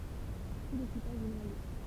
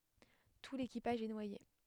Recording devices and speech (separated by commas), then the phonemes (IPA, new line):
temple vibration pickup, headset microphone, read sentence
tu lekipaʒ ɛ nwaje